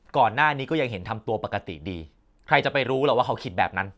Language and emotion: Thai, frustrated